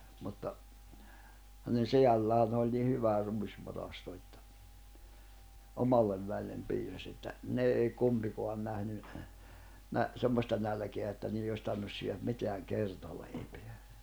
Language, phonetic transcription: Finnish, mutta , hänen̬ 'seʲälläänⁿ ‿oĺ ni 'hyvä 'ruisvarasto ettᴀ̈ , 'omallev vä̀i̬llem 'piisas ‿että , 'ne ei 'kumpikoan nähny , nä- , 'semmosta nälᵊkeä että 'nii₍e os tarᵛⁱⁿnus (syöjäm) 'miteäŋ 'kertaleipᴇᴀ̈ .
- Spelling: mutta hänen sedällään oli niin hyvä ruisvarasto että omalle väelle piisasi että ne ei kumpikaan nähnyt - semmoista nälkää että niiden olisi tarvinnut syödä mitään kertaleipää

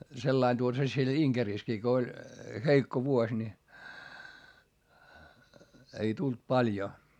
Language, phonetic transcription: Finnish, sellain tuota se siel Iŋkerìskii ko oĺ , heikko vuoś ni , ei tult paĺjo .
- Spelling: sellainen tuota se siellä Inkerissäkin kun oli heikko vuosi niin ei tullut paljon

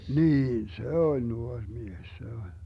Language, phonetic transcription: Finnish, 'niin "se 'oĺ , 'nuoŕ 'mies se oĺ .
- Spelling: niin se oli nuori mies se oli

